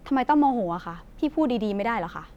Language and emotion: Thai, frustrated